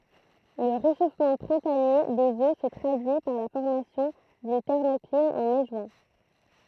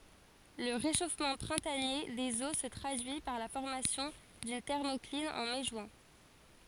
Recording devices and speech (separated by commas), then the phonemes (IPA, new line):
throat microphone, forehead accelerometer, read sentence
lə ʁeʃofmɑ̃ pʁɛ̃tanje dez o sə tʁadyi paʁ la fɔʁmasjɔ̃ dyn tɛʁmɔklin ɑ̃ mɛ ʒyɛ̃